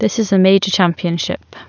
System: none